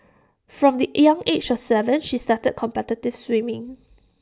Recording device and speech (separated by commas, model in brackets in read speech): standing microphone (AKG C214), read sentence